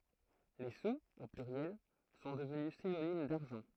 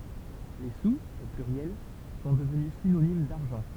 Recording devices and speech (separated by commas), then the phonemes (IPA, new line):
throat microphone, temple vibration pickup, read sentence
le suz o plyʁjɛl sɔ̃ dəvny sinonim daʁʒɑ̃